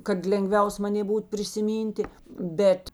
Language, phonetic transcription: Lithuanian, kad lenˈgviaus maˈnė ˈbūt prisiˈmynti ˈbet

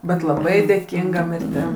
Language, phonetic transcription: Lithuanian, bet laˈbai dėˈkinga mirˈtim

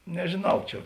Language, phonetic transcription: Lithuanian, nežėˈnau ˈčia

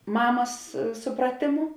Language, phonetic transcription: Lithuanian, ˈmamas ˈsupratėˌmu

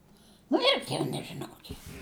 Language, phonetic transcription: Lithuanian, nu ˈirgi jau nežiˈnau ˈkik

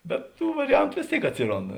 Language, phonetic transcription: Lithuanian, bet ˈtų variˈjantu ˈvės ˌtėik ˈatsiˌrond

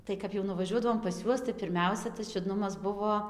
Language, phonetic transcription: Lithuanian, ˈtai kap jau nuvaˈžiuodavom pas ˈjuos tai pirˈmiausia tas čiuˈdnumas ˈbuvoˈ

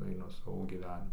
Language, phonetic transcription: Lithuanian, aiˈnu ˈsavo gyˈvenimu

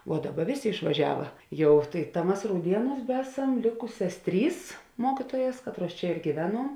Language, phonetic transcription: Lithuanian, vuo ˈdaˌba ˈvėˌsė išvaˈžiava ˈjau tai ta ˈmas rauˈdienūs ˈbesam ˈlėkusias ˈtrys ˈmokitojas ˈkatˌruos ˈčia ir gyˈvenuom

